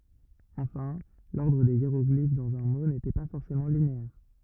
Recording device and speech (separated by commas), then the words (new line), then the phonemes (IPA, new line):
rigid in-ear microphone, read sentence
Enfin, l'ordre des hiéroglyphes dans un mot n'était pas forcément linéaire.
ɑ̃fɛ̃ lɔʁdʁ de jeʁɔɡlif dɑ̃z œ̃ mo netɛ pa fɔʁsemɑ̃ lineɛʁ